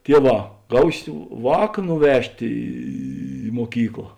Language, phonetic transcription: Lithuanian, ˈtieˌvā ˈgausi ˈvāk nuˈvežt' ˈį muoˈkykla

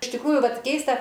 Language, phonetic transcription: Lithuanian, iš tikˈrųju ˈvat ˈkeista

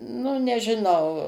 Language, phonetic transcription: Lithuanian, nu nežiˈnau

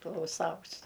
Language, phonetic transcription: Lithuanian, klauˈsaus

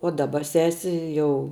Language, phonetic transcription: Lithuanian, o daˈba ˈsesi ˈjau

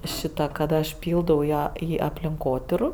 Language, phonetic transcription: Lithuanian, ˈšita kad ˈaš ˈpyldau į ˈa ˈį aplinˈkotyru

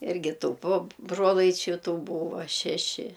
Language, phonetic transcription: Lithuanian, ˈirgi ˈtų po ˈbrolaičiu ˈtų ˈbūvo ˈšeši

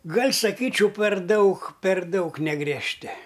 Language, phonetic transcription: Lithuanian, ˈgal' saˈkyčiau per ˈdaug per ˈdaug negriežˈti

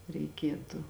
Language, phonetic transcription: Lithuanian, reiˈkietu

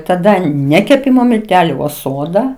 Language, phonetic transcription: Lithuanian, taˈda ˈne keˈpimo milˈteliu o ˈsoda

